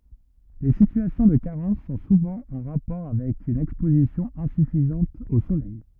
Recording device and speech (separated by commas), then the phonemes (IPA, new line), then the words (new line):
rigid in-ear microphone, read sentence
le sityasjɔ̃ də kaʁɑ̃s sɔ̃ suvɑ̃ ɑ̃ ʁapɔʁ avɛk yn ɛkspozisjɔ̃ ɛ̃syfizɑ̃t o solɛj
Les situations de carence sont souvent en rapport avec une exposition insuffisante au soleil.